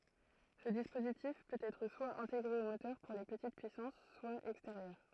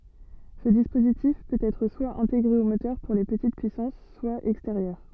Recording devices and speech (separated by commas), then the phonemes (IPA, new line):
throat microphone, soft in-ear microphone, read sentence
sə dispozitif pøt ɛtʁ swa ɛ̃teɡʁe o motœʁ puʁ le pətit pyisɑ̃s swa ɛksteʁjœʁ